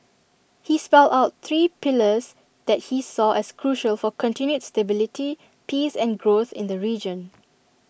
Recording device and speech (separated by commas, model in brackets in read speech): boundary microphone (BM630), read sentence